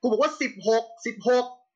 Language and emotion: Thai, angry